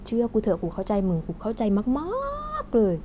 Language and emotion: Thai, happy